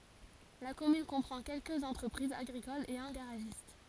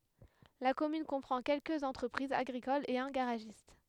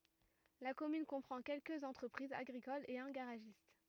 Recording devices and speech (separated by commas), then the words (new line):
forehead accelerometer, headset microphone, rigid in-ear microphone, read sentence
La commune comprend quelques entreprises agricoles et un garagiste.